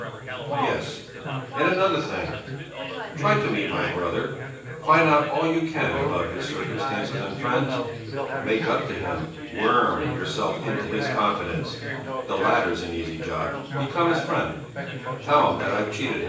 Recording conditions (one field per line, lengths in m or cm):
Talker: one person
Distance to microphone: 9.8 m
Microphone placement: far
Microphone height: 1.8 m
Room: large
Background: babble